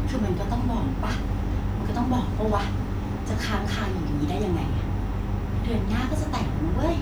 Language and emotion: Thai, frustrated